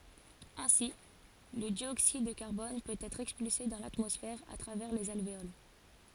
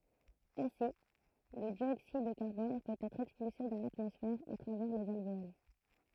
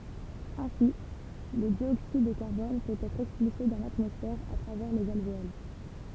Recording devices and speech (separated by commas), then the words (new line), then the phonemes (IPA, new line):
forehead accelerometer, throat microphone, temple vibration pickup, read sentence
Ainsi, le dioxyde de carbone peut être expulsé dans l'atmosphère à travers les alvéoles.
ɛ̃si lə djoksid də kaʁbɔn pøt ɛtʁ ɛkspylse dɑ̃ latmɔsfɛʁ a tʁavɛʁ lez alveol